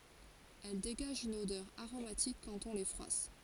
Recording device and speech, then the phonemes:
forehead accelerometer, read sentence
ɛl deɡaʒt yn odœʁ aʁomatik kɑ̃t ɔ̃ le fʁwas

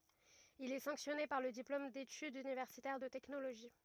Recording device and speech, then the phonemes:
rigid in-ear microphone, read sentence
il ɛ sɑ̃ksjɔne paʁ lə diplom detydz ynivɛʁsitɛʁ də tɛknoloʒi

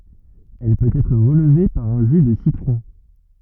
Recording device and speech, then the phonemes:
rigid in-ear microphone, read sentence
ɛl pøt ɛtʁ ʁəlve paʁ œ̃ ʒy də sitʁɔ̃

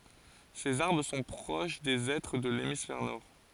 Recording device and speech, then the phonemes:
forehead accelerometer, read sentence
sez aʁbʁ sɔ̃ pʁoʃ de ɛtʁ də lemisfɛʁ nɔʁ

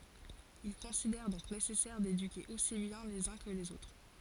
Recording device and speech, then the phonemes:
forehead accelerometer, read sentence
il kɔ̃sidɛʁ dɔ̃k nesɛsɛʁ dedyke osi bjɛ̃ lez œ̃ kə lez otʁ

